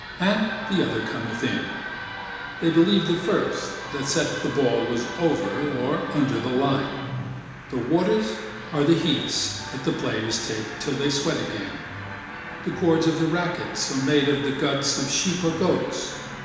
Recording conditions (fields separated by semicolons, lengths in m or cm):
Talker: one person; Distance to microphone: 1.7 m; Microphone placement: close; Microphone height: 1.0 m; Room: very reverberant, large; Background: television